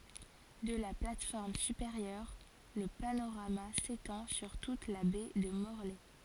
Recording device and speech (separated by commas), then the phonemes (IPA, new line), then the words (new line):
forehead accelerometer, read sentence
də la plat fɔʁm sypeʁjœʁ lə panoʁama setɑ̃ syʁ tut la bɛ də mɔʁlɛ
De la plate-forme supérieure, le panorama s'étend sur toute la Baie de Morlaix.